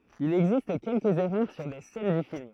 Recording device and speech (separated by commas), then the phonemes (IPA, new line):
throat microphone, read sentence
il ɛɡzist kɛlkəz ɛʁœʁ syʁ de sɛn dy film